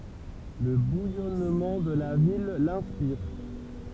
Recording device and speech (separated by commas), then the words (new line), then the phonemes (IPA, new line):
temple vibration pickup, read sentence
Le bouillonnement de la ville l'inspire.
lə bujɔnmɑ̃ də la vil lɛ̃spiʁ